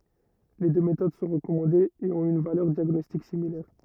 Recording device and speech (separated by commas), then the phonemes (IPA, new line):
rigid in-ear microphone, read sentence
le dø metod sɔ̃ ʁəkɔmɑ̃dez e ɔ̃t yn valœʁ djaɡnɔstik similɛʁ